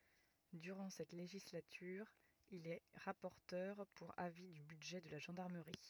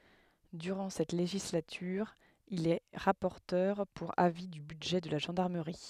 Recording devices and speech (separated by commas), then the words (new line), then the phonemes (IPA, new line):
rigid in-ear microphone, headset microphone, read sentence
Durant cette législature, il est rapporteur pour avis du budget de la gendarmerie.
dyʁɑ̃ sɛt leʒislatyʁ il ɛ ʁapɔʁtœʁ puʁ avi dy bydʒɛ də la ʒɑ̃daʁməʁi